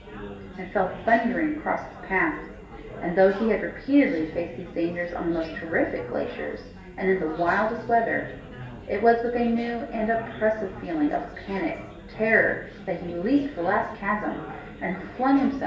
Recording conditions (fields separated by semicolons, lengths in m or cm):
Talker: one person; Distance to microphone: 1.8 m; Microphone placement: close; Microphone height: 1.0 m; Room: large; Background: babble